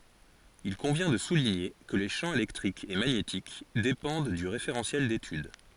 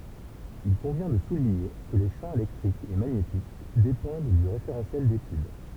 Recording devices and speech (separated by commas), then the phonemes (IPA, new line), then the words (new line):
forehead accelerometer, temple vibration pickup, read sentence
il kɔ̃vjɛ̃ də suliɲe kə le ʃɑ̃ elɛktʁik e maɲetik depɑ̃d dy ʁefeʁɑ̃sjɛl detyd
Il convient de souligner que les champs électrique et magnétique dépendent du référentiel d'étude.